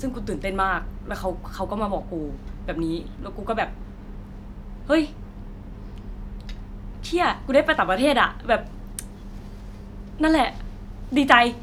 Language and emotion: Thai, happy